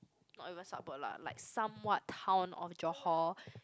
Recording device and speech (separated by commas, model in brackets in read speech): close-talking microphone, conversation in the same room